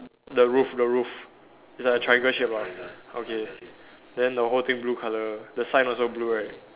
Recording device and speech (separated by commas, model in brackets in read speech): telephone, conversation in separate rooms